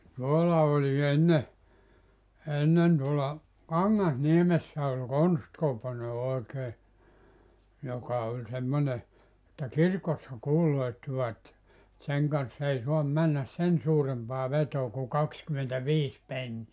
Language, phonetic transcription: Finnish, 'tuolla oĺi 'enne , 'ennen tuola , "Kaŋŋas'niemessä oĺ "Konstkopone 'oekee , 'joka oĺ 'semmone , että "kirkossa "kuuloittivat , et 'seŋ kanssa 'ei 'soam 'männäs "sen 'suurempaa 'vetoo ku "kakskymentä'viis 'penni₍ä .
- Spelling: tuolla oli ennen ennen tuolla Kangasniemessä oli Konsti-Koponen oikein joka oli semmoinen että kirkossa kuuluttivat että sen kanssa ei saa mennä sen suurempaa vetoa kuin kaksikymmentäviisi penniä

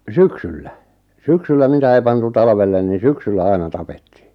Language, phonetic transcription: Finnish, syksyllä , 'syksyllä mitä ei 'pantu 'talᵃvellen ni "syksyllä 'aina 'tapettɪɪ .
- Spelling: syksyllä syksyllä mitä ei pantu talvelle niin syksyllä aina tapettiin

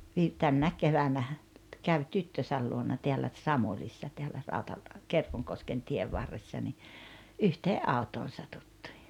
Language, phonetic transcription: Finnish, vi- 'tännäek 'kevänähä , 'käv "tyttösäl luona 'teällä "ᵗSamulissa 'teällä 'Rautal- , "Kerkoŋkosken 'tiev varressa ni , 'yhtee’ "’autoon̬ 'satuttɪɪ .
- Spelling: - tänä keväänä kävi tyttönsä luona täällä Samulissa täällä - Kerkonkosken tien varressa niin yhteen autoon satuttiin

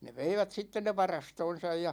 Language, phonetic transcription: Finnish, ne "veivät 'sitten ne "varastoon̬saj ja ,.
- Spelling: ne veivät sitten ne varastoonsa ja

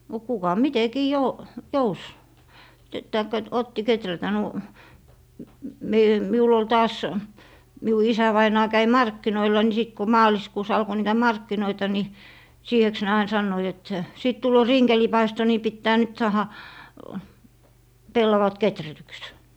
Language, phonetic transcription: Finnish, no , no 'kuka "mitekii 'jo- , 'jous , taikka t- , 'otti "keträtä nu- , m - me - 'miul ‿ol 'taas , miu 'isävainaa 'käi "markkinoila ni sit ko 'maaliskuus alko 'niitä "markkinoita ni , 'siiheks ne 'ain 'sannoit et , » 'sìt 'tulloo "rinkelipaisto ni 'pittää nyt 'saaha , "pellavat 'keträtyks » .
- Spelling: no no kuka mitenkin - jouti tai - otti kehrätä - - - minulla oli taas minun isävainaja kävi markkinoilla niin sitten kun maaliskuussa alkoi niitä markkinoita niin siiheksi ne aina sanoivat että sitten tulee rinkelipaisto niin pitää nyt saada pellavat kehrätyksi

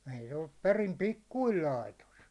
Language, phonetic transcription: Finnish, ɛi se oĺlup 'perim "pikkuil 'laitos .
- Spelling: ei se ollut perin pikkuinen laitos

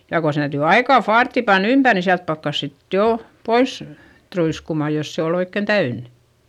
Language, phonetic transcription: Finnish, ja ko se täytỳ aikà faartti pann ‿ympär ni siält pakkas sit jò , pois , truiskumà jos se ol ‿oikken täyn .
- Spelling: ja kun se täytyy aika faarttia panna ympäri niin sieltä pakkasi sitten jo pois truiskumaan jos se oli oikein täynnä

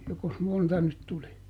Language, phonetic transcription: Finnish, jokos ˈmonta nyt ˈtuli ?
- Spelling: jokos monta nyt tuli

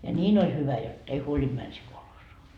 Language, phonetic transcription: Finnish, ja "ńiin ‿oĺ 'hyvä jot , ei "huolinD män sii 'kolhoosoa .
- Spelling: ja niin oli hyvä jotta ei huolinut mennä siihen kolhoosiin

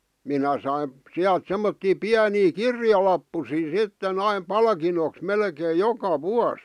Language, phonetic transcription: Finnish, 'minä saim̳ , 'siält 'semmottii "piänii "kirjalappusii 'sitten ‿aim "palkinoks 'melkeej̆ "joka "vuas .
- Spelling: minä sain sieltä semmoisia pieniä kirjalappusia sitten aina palkinnoksi melkein joka vuosi

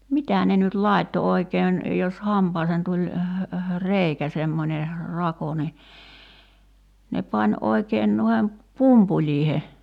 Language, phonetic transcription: Finnish, "mitä ne nyt "lài̬tto 'oikeen , jos 'hampaaseen tuĺ , "reikä semmońe , 'rako ni , ne 'pań 'oikeen nuihem , "pumpuĺ̀iihe .
- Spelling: mitä ne nyt laittoi oikein jos hampaaseen tuli reikä semmoinen rako niin ne pani oikein noiden pumpuleiden

